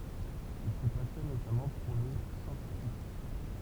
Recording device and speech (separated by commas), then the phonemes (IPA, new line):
temple vibration pickup, read sentence
il sə pasjɔn notamɑ̃ puʁ lə sɑ̃skʁi